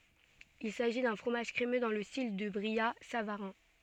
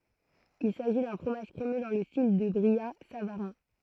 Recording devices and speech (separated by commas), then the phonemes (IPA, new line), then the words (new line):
soft in-ear microphone, throat microphone, read sentence
il saʒi dœ̃ fʁomaʒ kʁemø dɑ̃ lə stil dy bʁijatsavaʁɛ̃
Il s'agit d'un fromage crémeux dans le style du brillat-savarin.